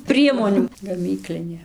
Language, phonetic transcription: Lithuanian, ˈpriemonių gaˈmyklinė

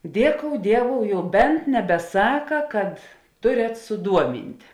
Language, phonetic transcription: Lithuanian, ˈdieˌkou ˈdieˌvou jau ˈbent nebeˈsaka kad ˈturet suˈduoˌmint'

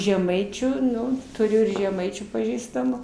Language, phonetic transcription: Lithuanian, žeˈmaičių ˈnu tuˈriu ir žeˈmaičių paˈžįstamu

